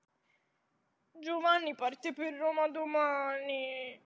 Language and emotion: Italian, sad